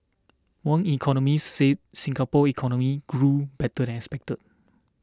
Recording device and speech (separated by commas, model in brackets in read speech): standing microphone (AKG C214), read sentence